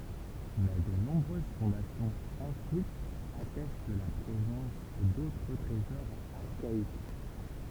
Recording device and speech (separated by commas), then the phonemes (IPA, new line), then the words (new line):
temple vibration pickup, read sentence
mɛ də nɔ̃bʁøz fɔ̃dasjɔ̃z ɑ̃fwiz atɛst la pʁezɑ̃s dotʁ tʁezɔʁz aʁkaik
Mais de nombreuses fondations enfouies attestent la présence d'autres trésors archaïques.